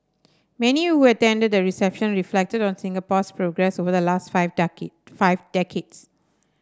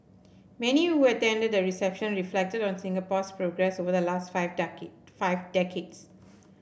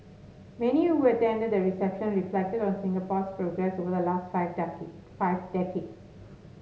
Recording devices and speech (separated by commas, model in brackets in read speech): standing microphone (AKG C214), boundary microphone (BM630), mobile phone (Samsung S8), read sentence